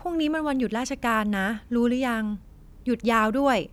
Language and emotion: Thai, neutral